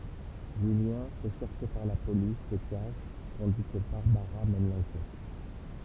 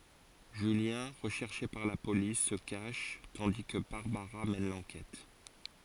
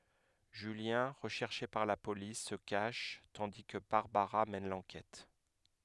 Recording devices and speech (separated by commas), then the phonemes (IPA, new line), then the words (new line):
temple vibration pickup, forehead accelerometer, headset microphone, read sentence
ʒyljɛ̃ ʁəʃɛʁʃe paʁ la polis sə kaʃ tɑ̃di kə baʁbaʁa mɛn lɑ̃kɛt
Julien, recherché par la police, se cache, tandis que Barbara mène l'enquête.